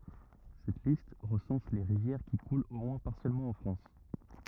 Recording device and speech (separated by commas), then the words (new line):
rigid in-ear microphone, read sentence
Cette liste recense les rivières qui coulent au moins partiellement en France.